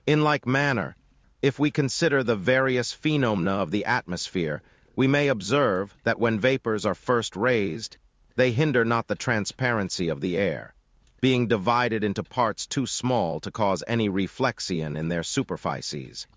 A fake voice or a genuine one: fake